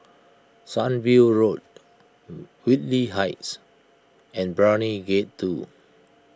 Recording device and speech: close-talking microphone (WH20), read sentence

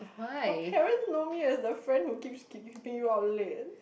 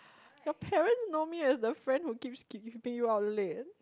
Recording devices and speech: boundary microphone, close-talking microphone, conversation in the same room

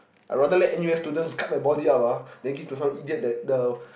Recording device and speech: boundary microphone, conversation in the same room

